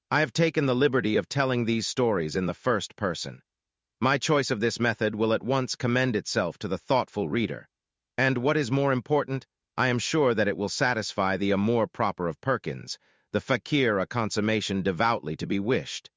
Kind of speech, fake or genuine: fake